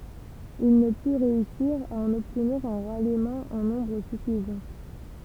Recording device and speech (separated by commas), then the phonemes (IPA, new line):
temple vibration pickup, read sentence
il nə py ʁeysiʁ a ɑ̃n ɔbtniʁ œ̃ ʁalimɑ̃ ɑ̃ nɔ̃bʁ syfizɑ̃